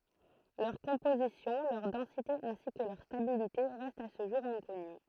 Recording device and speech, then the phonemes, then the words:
throat microphone, read sentence
lœʁ kɔ̃pozisjɔ̃ lœʁ dɑ̃site ɛ̃si kə lœʁ stabilite ʁɛstt a sə ʒuʁ ɛ̃kɔny
Leur composition, leur densité ainsi que leur stabilité restent à ce jour inconnues.

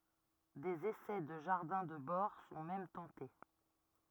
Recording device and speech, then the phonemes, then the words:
rigid in-ear microphone, read sentence
dez esɛ də ʒaʁdɛ̃ də bɔʁ sɔ̃ mɛm tɑ̃te
Des essais de jardins de bord sont même tentés.

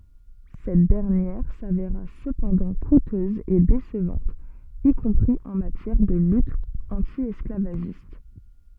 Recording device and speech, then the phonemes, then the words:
soft in-ear microphone, read sentence
sɛt dɛʁnjɛʁ saveʁa səpɑ̃dɑ̃ kutøz e desəvɑ̃t i kɔ̃pʁi ɑ̃ matjɛʁ də lyt ɑ̃tjɛsklavaʒist
Cette dernière s'avéra cependant coûteuse et décevante, y compris en matière de lutte anti-esclavagiste.

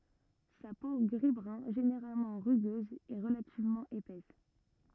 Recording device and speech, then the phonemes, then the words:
rigid in-ear microphone, read sentence
sa po ɡʁizbʁœ̃ ʒeneʁalmɑ̃ ʁyɡøz ɛ ʁəlativmɑ̃ epɛs
Sa peau gris-brun généralement rugueuse est relativement épaisse.

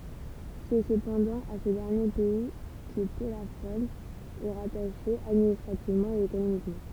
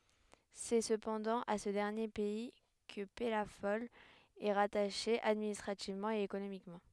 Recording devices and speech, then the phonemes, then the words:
temple vibration pickup, headset microphone, read sentence
sɛ səpɑ̃dɑ̃ a sə dɛʁnje pɛi kə pɛlafɔl ɛ ʁataʃe administʁativmɑ̃ e ekonomikmɑ̃
C'est cependant à ce dernier pays que Pellafol est rattaché administrativement et économiquement.

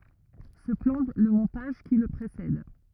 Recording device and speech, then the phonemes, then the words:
rigid in-ear microphone, read sentence
sə plɑ̃ lə mɔ̃taʒ ki lə pʁesɛd
Ce plan le montage qui le précède.

